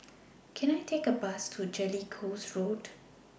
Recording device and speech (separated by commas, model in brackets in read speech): boundary microphone (BM630), read sentence